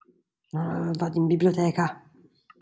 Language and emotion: Italian, angry